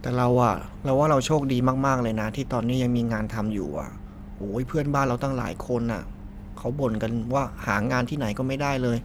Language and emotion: Thai, neutral